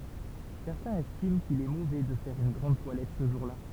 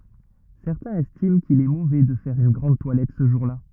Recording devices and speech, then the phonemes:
temple vibration pickup, rigid in-ear microphone, read sentence
sɛʁtɛ̃z ɛstim kil ɛ movɛ də fɛʁ yn ɡʁɑ̃d twalɛt sə ʒuʁla

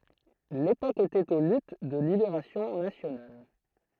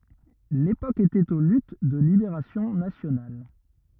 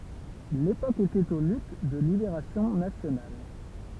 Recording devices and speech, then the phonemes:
throat microphone, rigid in-ear microphone, temple vibration pickup, read sentence
lepok etɛt o lyt də libeʁasjɔ̃ nasjonal

